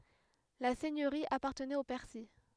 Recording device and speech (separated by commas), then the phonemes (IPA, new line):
headset microphone, read sentence
la sɛɲøʁi apaʁtənɛt o pɛʁsi